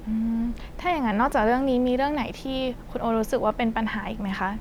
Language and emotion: Thai, neutral